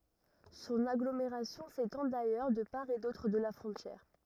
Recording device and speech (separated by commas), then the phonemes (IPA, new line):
rigid in-ear microphone, read sentence
sɔ̃n aɡlomeʁasjɔ̃ setɑ̃ dajœʁ də paʁ e dotʁ də la fʁɔ̃tjɛʁ